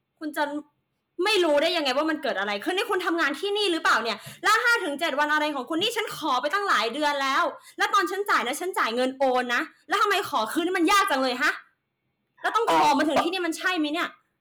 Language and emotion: Thai, angry